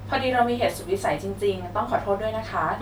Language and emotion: Thai, neutral